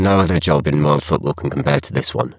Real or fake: fake